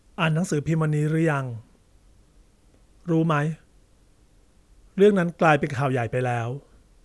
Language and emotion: Thai, neutral